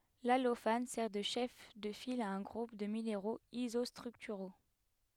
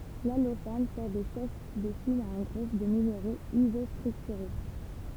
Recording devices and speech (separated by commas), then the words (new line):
headset microphone, temple vibration pickup, read sentence
L’allophane sert de chef de file à un groupe de minéraux isostructuraux.